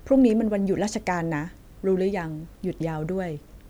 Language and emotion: Thai, neutral